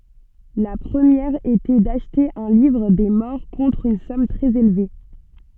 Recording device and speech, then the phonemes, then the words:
soft in-ear microphone, read sentence
la pʁəmjɛʁ etɛ daʃte œ̃ livʁ de mɔʁ kɔ̃tʁ yn sɔm tʁɛz elve
La première était d'acheter un livre des morts contre une somme très élevée.

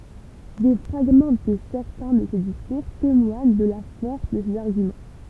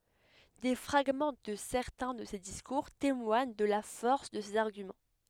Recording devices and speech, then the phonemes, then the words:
temple vibration pickup, headset microphone, read sentence
de fʁaɡmɑ̃ də sɛʁtɛ̃ də se diskuʁ temwaɲ də la fɔʁs də sez aʁɡymɑ̃
Des fragments de certains de ses discours témoignent de la force de ses arguments.

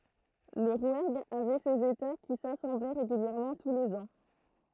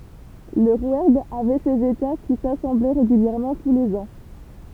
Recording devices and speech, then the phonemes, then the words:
throat microphone, temple vibration pickup, read sentence
lə ʁwɛʁɡ avɛ sez eta ki sasɑ̃blɛ ʁeɡyljɛʁmɑ̃ tu lez ɑ̃
Le Rouergue avait ses États qui s'assemblaient régulièrement tous les ans.

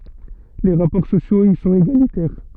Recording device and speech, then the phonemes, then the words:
soft in-ear microphone, read sentence
le ʁapɔʁ sosjoz i sɔ̃t eɡalitɛʁ
Les rapports sociaux y sont égalitaires.

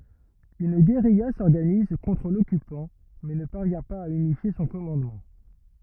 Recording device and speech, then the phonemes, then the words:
rigid in-ear microphone, read sentence
yn ɡeʁija sɔʁɡaniz kɔ̃tʁ lɔkypɑ̃ mɛ nə paʁvjɛ̃ paz a ynifje sɔ̃ kɔmɑ̃dmɑ̃
Une guérilla s'organise contre l'occupant mais ne parvient pas à unifier son commandement.

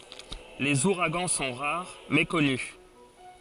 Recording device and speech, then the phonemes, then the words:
forehead accelerometer, read sentence
lez uʁaɡɑ̃ sɔ̃ ʁaʁ mɛ kɔny
Les ouragans sont rares, mais connus.

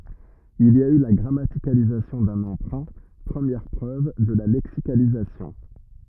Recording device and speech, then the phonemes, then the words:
rigid in-ear microphone, read sentence
il i a y la ɡʁamatikalizasjɔ̃ dœ̃n ɑ̃pʁœ̃ pʁəmjɛʁ pʁøv də la lɛksikalizasjɔ̃
Il y a eu là grammaticalisation d'un emprunt, première preuve de la lexicalisation.

